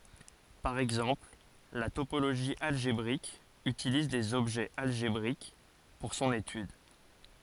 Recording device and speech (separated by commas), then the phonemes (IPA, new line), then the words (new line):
forehead accelerometer, read sentence
paʁ ɛɡzɑ̃pl la topoloʒi alʒebʁik ytiliz dez ɔbʒɛz alʒebʁik puʁ sɔ̃n etyd
Par exemple, la topologie algébrique utilise des objets algébriques pour son étude.